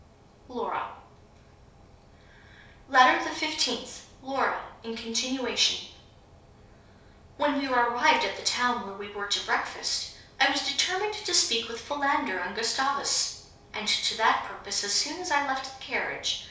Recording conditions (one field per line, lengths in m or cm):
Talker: one person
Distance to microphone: 3.0 m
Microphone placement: far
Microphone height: 1.8 m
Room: small (3.7 m by 2.7 m)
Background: none